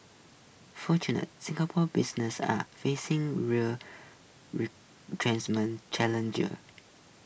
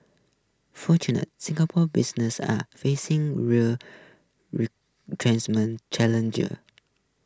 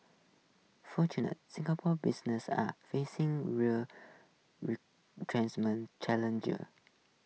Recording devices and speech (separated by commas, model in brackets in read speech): boundary microphone (BM630), close-talking microphone (WH20), mobile phone (iPhone 6), read sentence